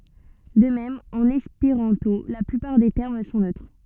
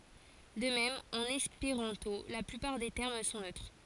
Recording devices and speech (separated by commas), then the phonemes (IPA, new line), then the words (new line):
soft in-ear microphone, forehead accelerometer, read sentence
də mɛm ɑ̃n ɛspeʁɑ̃to la plypaʁ de tɛʁm sɔ̃ nøtʁ
De même en espéranto, la plupart des termes sont neutres.